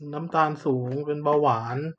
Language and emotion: Thai, neutral